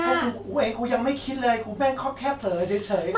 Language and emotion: Thai, neutral